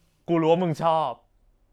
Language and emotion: Thai, happy